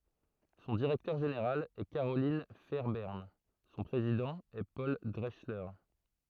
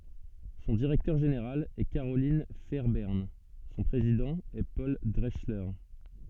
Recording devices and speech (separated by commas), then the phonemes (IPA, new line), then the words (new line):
throat microphone, soft in-ear microphone, read sentence
sɔ̃ diʁɛktœʁ ʒeneʁal ɛ kaʁolɛ̃ fɛʁbɛʁn sɔ̃ pʁezidɑ̃ ɛ pɔl dʁɛksle
Son directeur général est Carolyn Fairbairn, son président est Paul Drechsler.